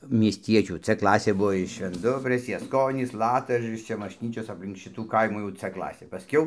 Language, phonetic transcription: Lithuanian, miesˈtiečių c ˈklasė ˈbuo iš švenˈdubrės jasˈkonys ˈlatažaris ˈčia mašˈnyčios apˈlink ˈšitų ˈkaimų jau c ˈklasė paˈskiau

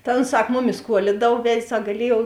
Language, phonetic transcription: Lithuanian, ta ons ˈsak ˈmuˌmis ˈkuolidav ˈved' ˈsak gaˈliejuov

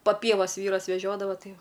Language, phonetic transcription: Lithuanian, pa ˈpievas ˈvyras veˈžiodava ˈtai ˈjau

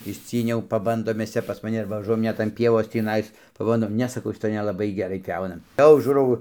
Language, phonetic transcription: Lithuanian, išˈcyniau paˈbandom ˈmes ˈcia pas maˈni arba vaˈžuojam ˈnet an ˈpievos tįˈnais paˈbandom ˈne saˈkau šiˈtoj nelaˈbai geˈrai ˈpjauna ˈjau ˈžūrau

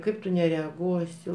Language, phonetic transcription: Lithuanian, ˈkaip tu nereaˈguosi

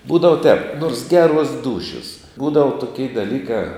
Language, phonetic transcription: Lithuanian, ˈbūdava tēp nors ˈgeˌruos ˈdūšios ˈbūdava tuˈkei daˈlyka

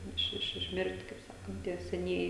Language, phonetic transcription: Lithuanian, ˈiš ˈiš išˈmir't' kaip ˈsakant ˈtie seˈnieji

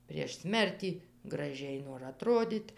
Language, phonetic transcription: Lithuanian, prieš ˈsmertį graˈžiai nor aˈtrodyt'

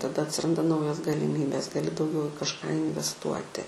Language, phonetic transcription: Lithuanian, taˈda atsiˈranda ˈnaujos galiˈmybės gaˈli dauˈgiau i kažˈką invesˈtuoti

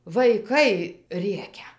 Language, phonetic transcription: Lithuanian, vaiˈkai ˈrėkia

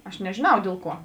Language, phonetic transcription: Lithuanian, aš nežėˈnau ˈdėl ˌkuo

